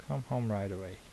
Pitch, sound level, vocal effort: 105 Hz, 75 dB SPL, soft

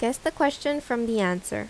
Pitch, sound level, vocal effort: 240 Hz, 82 dB SPL, normal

